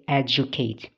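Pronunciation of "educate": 'educate' is said with coalescence, or fusion: a j sound emerges as a new sound in the word.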